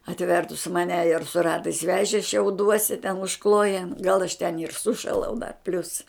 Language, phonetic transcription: Lithuanian, atˈvertus maˈne ir su ˈratais ˈvežė šiauˈduosi ten užˈklojen gal aš ten ir ˈsušalau da plius

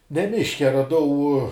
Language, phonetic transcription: Lithuanian, ne ˈmiške raˈdau

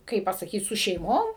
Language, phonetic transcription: Lithuanian, ˈkaip pasaˈkyt su šeiˈmom

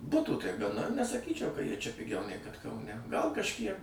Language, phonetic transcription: Lithuanian, ˈbutų tai gaˈna nesaˈkyčiau ka ˈjie čia piˈgiau nei kad kauˈne ˈgal kažˈkiek

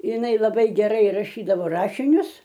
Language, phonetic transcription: Lithuanian, iˈnai laˈbai geˈrai raˈšydavo ˈrašinius

